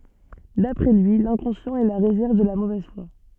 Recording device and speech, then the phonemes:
soft in-ear microphone, read sentence
dapʁɛ lyi lɛ̃kɔ̃sjɑ̃t ɛ la ʁezɛʁv də la movɛz fwa

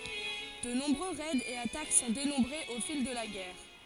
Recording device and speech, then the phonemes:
forehead accelerometer, read sentence
də nɔ̃bʁø ʁɛdz e atak sɔ̃ denɔ̃bʁez o fil də la ɡɛʁ

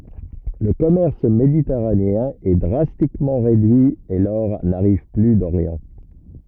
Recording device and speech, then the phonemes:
rigid in-ear microphone, read sentence
lə kɔmɛʁs meditɛʁaneɛ̃ ɛ dʁastikmɑ̃ ʁedyi e lɔʁ naʁiv ply doʁjɑ̃

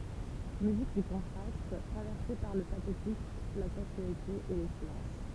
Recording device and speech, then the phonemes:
temple vibration pickup, read sentence
myzik dy kɔ̃tʁast tʁavɛʁse paʁ lə patetik la sɑ̃syalite e le silɑ̃s

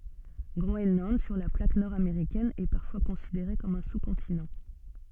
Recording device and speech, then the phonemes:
soft in-ear microphone, read sentence
ɡʁoɛnlɑ̃d syʁ la plak nɔʁ ameʁikɛn ɛ paʁfwa kɔ̃sideʁe kɔm œ̃ su kɔ̃tinɑ̃

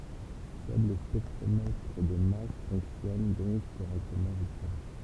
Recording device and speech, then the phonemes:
temple vibration pickup, read sentence
sœl lə spɛktʁomɛtʁ də mas fɔ̃ksjɔn dɔ̃k koʁɛktəmɑ̃ ʒyskəla

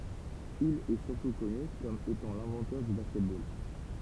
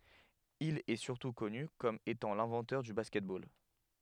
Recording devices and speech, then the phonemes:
temple vibration pickup, headset microphone, read sentence
il ɛə syʁtu kɔny kɔm etɑ̃ lɛ̃vɑ̃tœʁ dy baskɛt bol

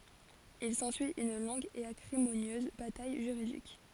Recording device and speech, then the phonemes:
forehead accelerometer, read sentence
il sɑ̃syi yn lɔ̃ɡ e akʁimonjøz bataj ʒyʁidik

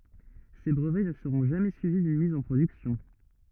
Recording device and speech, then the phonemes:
rigid in-ear microphone, read sentence
se bʁəvɛ nə səʁɔ̃ ʒamɛ syivi dyn miz ɑ̃ pʁodyksjɔ̃

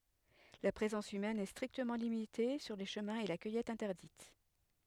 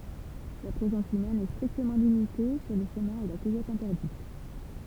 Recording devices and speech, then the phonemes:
headset microphone, temple vibration pickup, read sentence
la pʁezɑ̃s ymɛn ɛ stʁiktəmɑ̃ limite syʁ le ʃəmɛ̃z e la kœjɛt ɛ̃tɛʁdit

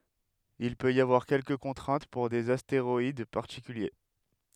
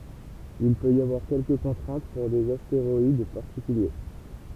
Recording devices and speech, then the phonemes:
headset microphone, temple vibration pickup, read sentence
il pøt i avwaʁ kɛlkə kɔ̃tʁɛ̃t puʁ dez asteʁɔid paʁtikylje

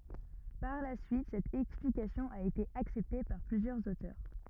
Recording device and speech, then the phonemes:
rigid in-ear microphone, read sentence
paʁ la syit sɛt ɛksplikasjɔ̃ a ete aksɛpte paʁ plyzjœʁz otœʁ

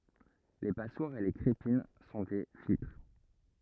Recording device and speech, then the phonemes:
rigid in-ear microphone, read sentence
le paswaʁz e le kʁepin sɔ̃ de filtʁ

